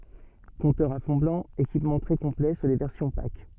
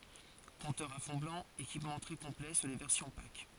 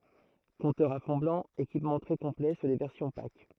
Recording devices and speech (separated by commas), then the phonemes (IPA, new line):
soft in-ear microphone, forehead accelerometer, throat microphone, read sentence
kɔ̃tœʁz a fɔ̃ blɑ̃ ekipmɑ̃ tʁɛ kɔ̃plɛ syʁ le vɛʁsjɔ̃ pak